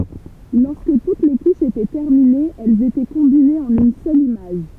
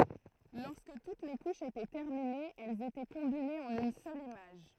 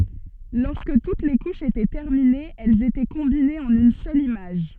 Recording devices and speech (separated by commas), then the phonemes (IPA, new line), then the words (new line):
temple vibration pickup, throat microphone, soft in-ear microphone, read sentence
lɔʁskə tut le kuʃz etɛ tɛʁminez ɛlz etɛ kɔ̃binez ɑ̃n yn sœl imaʒ
Lorsque toutes les couches étaient terminées, elles étaient combinées en une seule image.